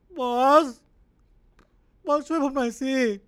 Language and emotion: Thai, sad